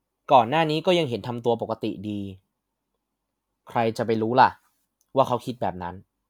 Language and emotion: Thai, neutral